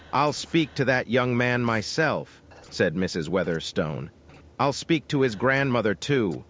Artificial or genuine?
artificial